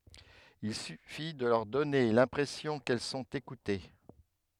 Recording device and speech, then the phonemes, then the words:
headset microphone, read sentence
il syfi də lœʁ dɔne lɛ̃pʁɛsjɔ̃ kɛl sɔ̃t ekute
Il suffit de leur donner l’impression qu’elles sont écoutées.

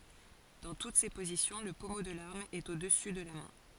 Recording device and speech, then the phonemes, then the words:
forehead accelerometer, read sentence
dɑ̃ tut se pozisjɔ̃ lə pɔmo də laʁm ɛt o dəsy də la mɛ̃
Dans toutes ces positions, le pommeau de l'arme est au-dessus de la main.

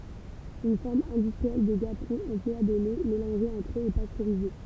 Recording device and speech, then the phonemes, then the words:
temple vibration pickup, read sentence
yn fɔʁm ɛ̃dystʁiɛl də ɡapʁɔ̃ ɑ̃plwa de lɛ melɑ̃ʒez ɑ̃tʁ øz e pastøʁize
Une forme industrielle de gaperon emploie des laits mélangés entre eux et pasteurisés.

